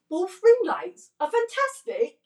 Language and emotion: English, surprised